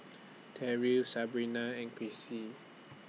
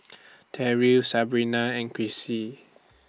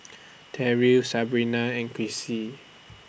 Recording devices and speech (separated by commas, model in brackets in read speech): mobile phone (iPhone 6), standing microphone (AKG C214), boundary microphone (BM630), read sentence